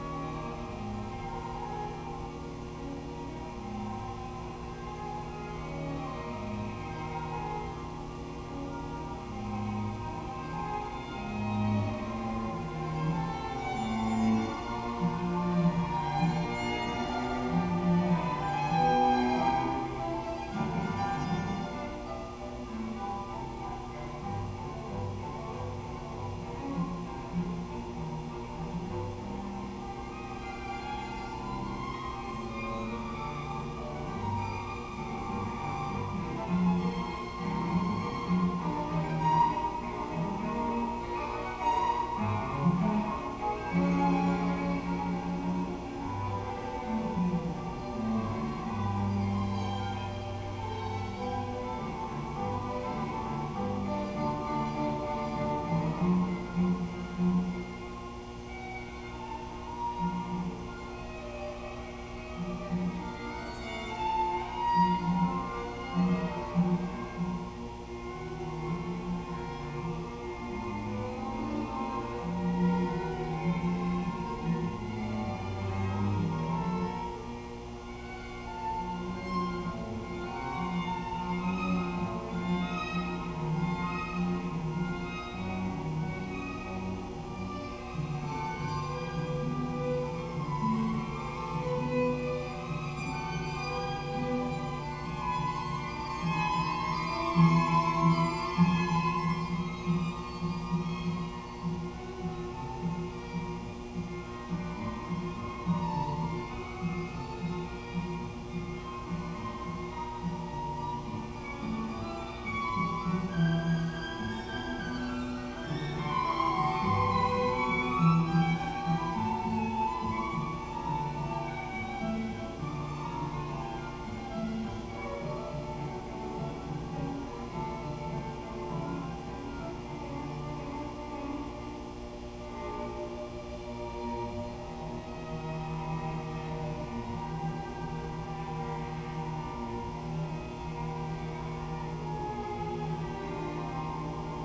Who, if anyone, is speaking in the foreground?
No one.